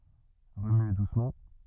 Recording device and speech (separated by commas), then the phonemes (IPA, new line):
rigid in-ear microphone, read sentence
ʁəmye dusmɑ̃